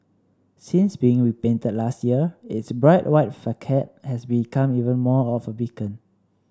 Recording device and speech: standing microphone (AKG C214), read sentence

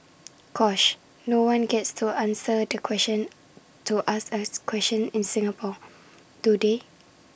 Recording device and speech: boundary microphone (BM630), read sentence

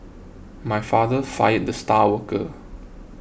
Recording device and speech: boundary microphone (BM630), read sentence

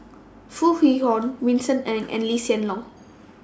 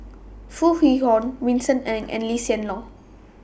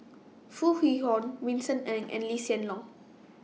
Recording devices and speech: standing microphone (AKG C214), boundary microphone (BM630), mobile phone (iPhone 6), read sentence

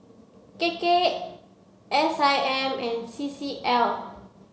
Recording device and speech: mobile phone (Samsung C7), read sentence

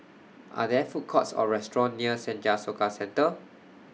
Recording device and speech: mobile phone (iPhone 6), read sentence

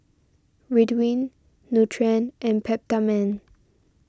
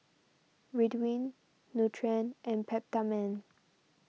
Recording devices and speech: standing microphone (AKG C214), mobile phone (iPhone 6), read sentence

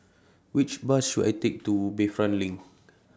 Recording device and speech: standing microphone (AKG C214), read sentence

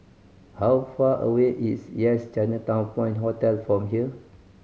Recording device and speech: mobile phone (Samsung C5010), read sentence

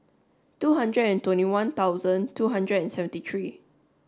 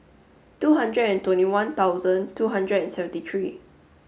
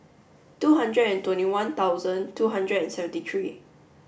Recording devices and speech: standing microphone (AKG C214), mobile phone (Samsung S8), boundary microphone (BM630), read sentence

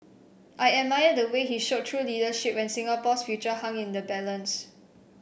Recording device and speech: boundary microphone (BM630), read sentence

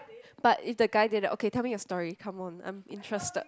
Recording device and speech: close-talking microphone, conversation in the same room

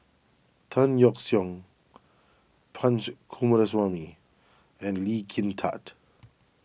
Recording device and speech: boundary microphone (BM630), read sentence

